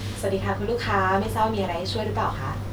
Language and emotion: Thai, neutral